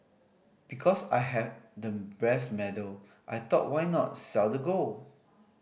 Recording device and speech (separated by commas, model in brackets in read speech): boundary microphone (BM630), read sentence